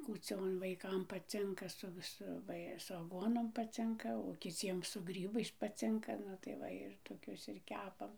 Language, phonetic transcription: Lithuanian, kūˈcion vaiˈkam paˈcinka su viˈsu ˈva i su aˈguonom paˈcinka o kiˈciem su ˈgrybais paˈcinka ˈnu tai ˈva ir toˈkius ir ˈkepam

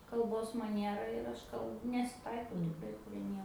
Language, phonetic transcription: Lithuanian, kalˈbos maˈniera ir ˈaš kal nesiˈtaikau tikˈrai prie ˈnie

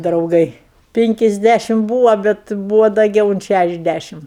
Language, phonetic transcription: Lithuanian, drauˈgai ˈpinkisˌdæšim ˈbūva ˈbet ˈbūva daˈgiau unt ˈšæšiasˌdæšim

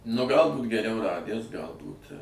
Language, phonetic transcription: Lithuanian, nu ˈgal ˈbūt geˈriau ˈradæs ˈgalbūt

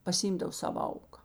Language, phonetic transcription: Lithuanian, pasiˈymˌdav ˈsava ˈauka

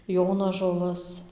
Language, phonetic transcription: Lithuanian, ˈjonažolas

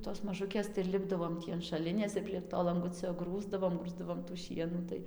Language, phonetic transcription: Lithuanian, tos maˈžukės tai ir ˈlipdavom ˈtį an šaˈlinės ir prieg ˈto lanˈgucio ˈgrūsdavom ˈgrūsdavom tų ˈšienų tai

